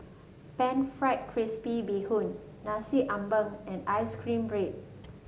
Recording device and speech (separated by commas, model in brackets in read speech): mobile phone (Samsung S8), read sentence